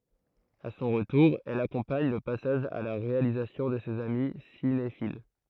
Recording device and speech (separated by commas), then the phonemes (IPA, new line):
throat microphone, read sentence
a sɔ̃ ʁətuʁ ɛl akɔ̃paɲ lə pasaʒ a la ʁealizasjɔ̃ də sez ami sinefil